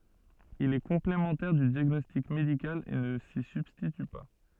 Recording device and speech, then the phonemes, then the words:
soft in-ear microphone, read sentence
il ɛ kɔ̃plemɑ̃tɛʁ dy djaɡnɔstik medikal e nə si sybstity pa
Il est complémentaire du diagnostic médical et ne s'y substitue pas.

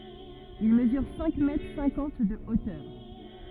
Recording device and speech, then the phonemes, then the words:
rigid in-ear microphone, read sentence
il məzyʁ sɛ̃k mɛtʁ sɛ̃kɑ̃t də otœʁ
Il mesure cinq mètres cinquante de hauteur.

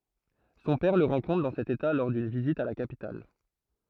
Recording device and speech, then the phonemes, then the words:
throat microphone, read sentence
sɔ̃ pɛʁ lə ʁɑ̃kɔ̃tʁ dɑ̃ sɛt eta lɔʁ dyn vizit a la kapital
Son père le rencontre dans cet état lors d’une visite à la capitale.

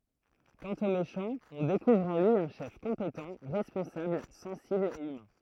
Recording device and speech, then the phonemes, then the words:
throat microphone, read sentence
kɑ̃t o meʃɑ̃ ɔ̃ dekuvʁ ɑ̃ lyi œ̃ ʃɛf kɔ̃petɑ̃ ʁɛspɔ̃sabl sɑ̃sibl e ymɛ̃
Quant au méchant, on découvre en lui un chef compétent, responsable, sensible et humain.

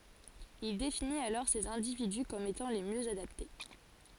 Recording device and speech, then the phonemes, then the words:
forehead accelerometer, read sentence
il definit alɔʁ sez ɛ̃dividy kɔm etɑ̃ le mjø adapte
Il définit alors ces individus comme étant les mieux adaptés.

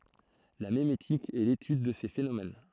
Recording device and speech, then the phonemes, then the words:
throat microphone, read sentence
la memetik ɛ letyd də se fenomɛn
La mémétique est l'étude de ces phénomènes.

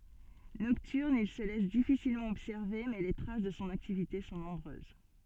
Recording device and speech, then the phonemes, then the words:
soft in-ear microphone, read sentence
nɔktyʁn il sə lɛs difisilmɑ̃ ɔbsɛʁve mɛ le tʁas də sɔ̃ aktivite sɔ̃ nɔ̃bʁøz
Nocturne, il se laisse difficilement observer mais les traces de son activité sont nombreuses.

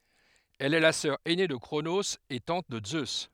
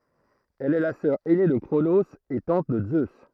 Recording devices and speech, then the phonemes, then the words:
headset microphone, throat microphone, read sentence
ɛl ɛ la sœʁ ɛne də kʁonoz e tɑ̃t də zø
Elle est la sœur ainée de Cronos et tante de Zeus.

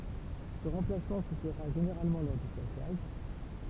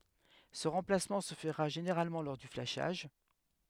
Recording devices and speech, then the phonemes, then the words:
temple vibration pickup, headset microphone, read sentence
sə ʁɑ̃plasmɑ̃ sə fəʁa ʒeneʁalmɑ̃ lɔʁ dy flaʃaʒ
Ce remplacement se fera généralement lors du flashage.

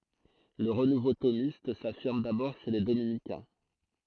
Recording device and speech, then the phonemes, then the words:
throat microphone, read sentence
lə ʁənuvo tomist safiʁm dabɔʁ ʃe le dominikɛ̃
Le renouveau thomiste s'affirme d'abord chez les dominicains.

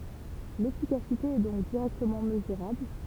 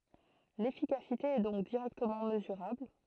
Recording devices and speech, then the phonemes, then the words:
temple vibration pickup, throat microphone, read sentence
lefikasite ɛ dɔ̃k diʁɛktəmɑ̃ məzyʁabl
L’efficacité est donc directement mesurable.

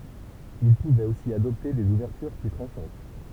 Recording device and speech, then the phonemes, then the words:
temple vibration pickup, read sentence
il puvɛt osi adɔpte dez uvɛʁtyʁ ply tʁɑ̃ʃɑ̃t
Il pouvait aussi adopter des ouvertures plus tranchantes.

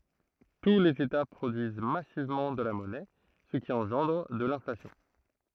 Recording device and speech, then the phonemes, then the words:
throat microphone, read sentence
tu lez eta pʁodyiz masivmɑ̃ də la mɔnɛ sə ki ɑ̃ʒɑ̃dʁ də lɛ̃flasjɔ̃
Tous les États produisent massivement de la monnaie, ce qui engendre de l'inflation.

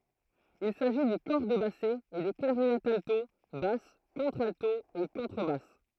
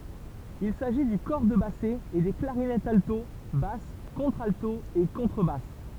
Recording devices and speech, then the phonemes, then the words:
throat microphone, temple vibration pickup, read sentence
il saʒi dy kɔʁ də basɛ e de klaʁinɛtz alto bas kɔ̃tʁalto e kɔ̃tʁəbas
Il s'agit du cor de basset et des clarinettes alto, basse, contralto et contrebasse.

